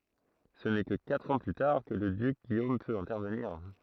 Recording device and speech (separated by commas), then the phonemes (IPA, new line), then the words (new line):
throat microphone, read sentence
sə nɛ kə katʁ ɑ̃ ply taʁ kə lə dyk ɡijom pøt ɛ̃tɛʁvəniʁ
Ce n'est que quatre ans plus tard que le duc Guillaume peut intervenir.